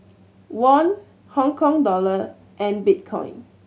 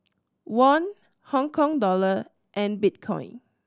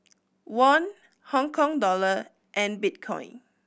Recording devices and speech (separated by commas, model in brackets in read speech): mobile phone (Samsung C7100), standing microphone (AKG C214), boundary microphone (BM630), read sentence